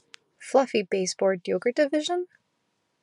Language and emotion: English, surprised